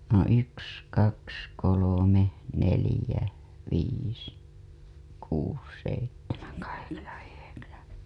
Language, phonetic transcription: Finnish, no yks , kaks , kolome , nelĭjä , viis , kuus , seittemäN kaheksan yheksän .
- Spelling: no yksi kaksi kolme neljä viisi kuusi seitsemän kahdeksan yhdeksän

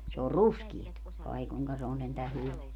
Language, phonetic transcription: Finnish, se or "ruskiet , 'ai kuŋka se on 'sentä "hyveä .
- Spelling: se on ruskeaa ai kuinka se on sentään hyvää

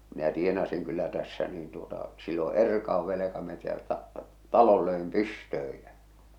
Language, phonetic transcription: Finnish, minä 'tienasiŋ kyllä tässä niin tuota , sillo "erkauv velekametältä , "talol 'löem "pystööj jä .
- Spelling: minä tienasin kyllä tässä niin tuota silloin erkauduin velkametsältä talon löin pystyyn ja

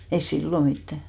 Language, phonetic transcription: Finnish, ei "sillo 'mittä .
- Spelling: ei silloin mitään

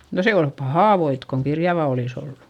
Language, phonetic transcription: Finnish, no se ol pahà voit koŋ kirjava olis ‿ollu .
- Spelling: no se oli pahaa voita kun kirjavaa olisi ollut

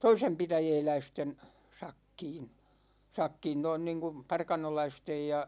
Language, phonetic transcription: Finnish, 'toisempitäjɛɛläisten , 'sakkiin̬ , 'sakkiin 'noin niiŋ kum , 'parkanolaistej ja ,.
- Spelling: toisenpitäjäläisten sakkiin sakkiin noin niin kuin parkanolaisten ja

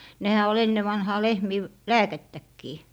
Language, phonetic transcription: Finnish, 'nehä ol 'enne 'vanhaa 'lehmii , v- , "lääkettäkkii .
- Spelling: nehän oli ennen vanhaan lehmien - lääkettäkin

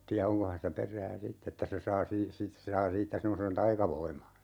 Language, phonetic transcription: Finnish, tiä 'oŋko hänessä 'per̀ää "sitt ‿että se 'saa sii- , 'sit(tes) se saa 'siittä 'semmosen "taikavoima .
- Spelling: tiedä onko hänessä perää sitten että se saa - sitten se saa siitä semmoisen taikavoiman

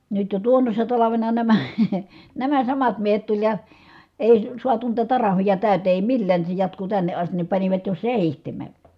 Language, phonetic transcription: Finnish, nyt jo tuonnossa talavena nämÄ , nämä samat miehet tuĺ ja , èi suatu niitä tarahvija tä̀ytee èi millään ni se jatku tänne ʼastin ni panivat jo sèihteme .
- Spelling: nyt jo tuonnoisena talvena nämä nämä samat miehet tuli ja ei saatu niitä tariffeja täyteen ei millään niin se jatkui tänne asti niin panivat jo seitsemän

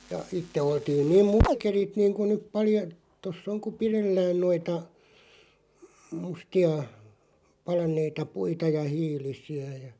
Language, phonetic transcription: Finnish, ja "itte 'oltiin niim (muk-) -kerit niiŋ ku nyp 'palja- , tos's ‿oŋ ku "pirellään 'noita , 'musti₍a , 'palan̆neita "puita ja "hiilisi₍ä ja .
- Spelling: ja itse oltiin niin - - niin kuin nyt - tuossa on kun pidellään noita mustia palaneita puita ja hiilisiä ja

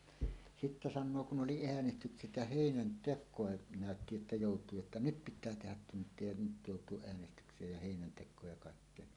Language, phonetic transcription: Finnish, 'sittä "sannoo kun 'ˀoli "eänestykset ja "hèinän"tek̆kòe , nä̀ötti että 'jòut̀uu jotta "nyt 'pit̆tää 'tehät 'tunt̀ie ja "nyt 'jòut̀uoˀ 'ˀeänestykseej ja 'hèinäntek̆kooj ja kàikkeen .
- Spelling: sitten sanoo kun oli äänestykset ja heinäntekoa näytti että joutuu jotta nyt pitää tehdä tunteja ja nyt joutuu äänestykseen ja heinäntekoon ja kaikkeen

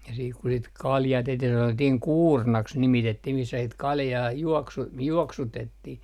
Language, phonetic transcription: Finnish, ja siik ku sit "kaljaa tehtih 'sanottihiŋ "kuurnaks 'nimitettih missä sit 'kaljaa , 'juoksu - 'juoksutettih .
- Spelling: ja sitten kun sitä kaljaa tehtiin sanottiin kuurnaksi nimitettiin missä sitten kaljaa - juoksutettiin

